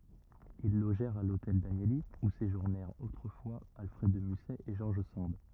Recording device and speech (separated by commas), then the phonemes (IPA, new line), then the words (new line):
rigid in-ear microphone, read sentence
il loʒɛʁt a lotɛl danjəli u seʒuʁnɛʁt otʁəfwa alfʁɛd də mysɛ e ʒɔʁʒ sɑ̃d
Ils logèrent à l'Hôtel Danieli, où séjournèrent autrefois Alfred de Musset et George Sand.